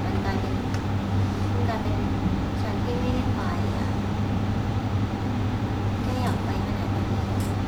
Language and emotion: Thai, frustrated